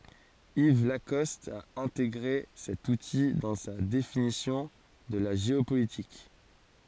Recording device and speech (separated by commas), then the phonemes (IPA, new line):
forehead accelerometer, read sentence
iv lakɔst a ɛ̃teɡʁe sɛt uti dɑ̃ sa definisjɔ̃ də la ʒeopolitik